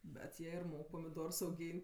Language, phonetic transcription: Lithuanian, bet ˈjie ir ˈmok pamiˈdors auˈgyn't'

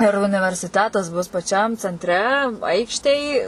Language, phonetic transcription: Lithuanian, ir universiˈtetas bus paˈčiam cenˈtre ˈaikštėj

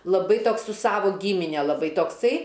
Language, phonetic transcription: Lithuanian, laˈbai ˈtoks su ˈsavo gymine laˈbai tokˈsai

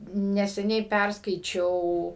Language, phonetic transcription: Lithuanian, neseˈniai ˈpærskaičiau

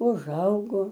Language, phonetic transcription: Lithuanian, uˈžaugo

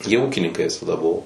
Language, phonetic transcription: Lithuanian, jie ˈūkininkai visaˈda ˈbuvo

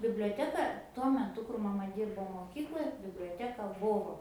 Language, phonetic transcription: Lithuanian, biblioˈteka tuo meˈtu kur maˈma ˈdyrbo moˈkykloj biblioˈteka ˈbuvo

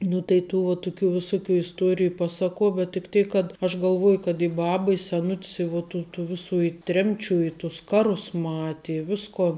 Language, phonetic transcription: Lithuanian, nu tai ˈtų va ˈtuˌkių viˈsuˌkių isˈtuoriju ˈpasaˌkuo bet tik ˈtėk kad aš galˈvoju kad i ˈbaba i seˈnut's i vu ˈtų tų ˈvisų i ˈtremˌčių i tus ˈkaˌrus ˈmati i ˈviskon

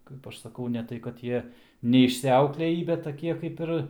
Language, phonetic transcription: Lithuanian, ˈkaip aš saˈkau ne ˈtai kad ˈjie neišsiˈauklėjį bet taˈkie ˈkaip ir

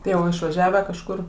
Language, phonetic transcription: Lithuanian, ˈtai jau išvaˈžiavę kažˈkur

